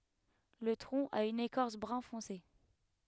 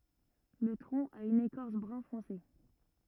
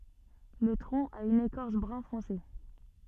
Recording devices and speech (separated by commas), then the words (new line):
headset microphone, rigid in-ear microphone, soft in-ear microphone, read sentence
Le tronc a une écorce brun-foncé.